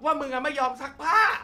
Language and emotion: Thai, frustrated